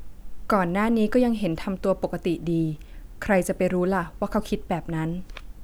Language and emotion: Thai, neutral